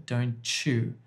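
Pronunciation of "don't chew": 'Don't you' is said with a new ch sound between the words, so it sounds like 'don't chew'.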